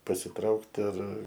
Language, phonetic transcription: Lithuanian, pasiˈtraukt ar

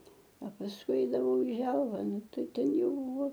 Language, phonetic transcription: Lithuanian, a pasˈkui ˈeidavau i ˈželva ˈnu ˈtai ˈten ˈjau

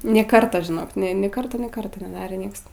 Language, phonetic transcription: Lithuanian, nė ˈkarta žiˈnok nė ˈkarto nė ˈkarto neˈdarė ˈnieks

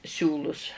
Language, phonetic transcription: Lithuanian, ˈsiūlus

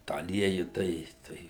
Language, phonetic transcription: Lithuanian, tą aˈlieju ˈtai ˈtai

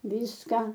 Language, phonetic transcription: Lithuanian, ˈvyska

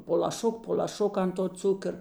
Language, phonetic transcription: Lithuanian, po laˈšuk po l'aˈšuk ant to ˈcukər

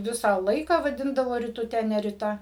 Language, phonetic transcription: Lithuanian, ˈvisą ˈlaiką vaˈdindavo rituˈte ne riˈta

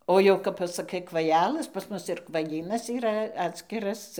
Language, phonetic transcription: Lithuanian, ˈo jau kap pasaˈkai kvaˈjælɘs pas ˈmus ir kvaˈjynas yˈra ˈatskiras

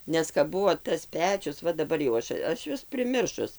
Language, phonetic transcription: Lithuanian, ˈnes kap ˈbuvo tas ˈpečius ˈva daˈbar jau ˈaš ˈaš ˈjuos priˈmiršus

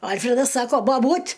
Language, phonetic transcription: Lithuanian, ˈalfredas ˈsako baˈbūt'

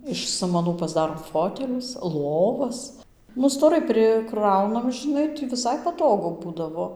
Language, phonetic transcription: Lithuanian, iš ˈsamanų pasˈdarom ˈfotelius ˈlovas nu stoˈrai priˈkraunam žiˈnai ti viˈsai paˈtogu ˈbūdavo

